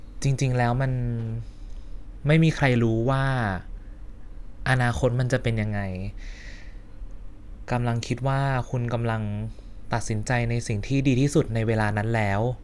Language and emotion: Thai, frustrated